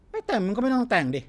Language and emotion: Thai, frustrated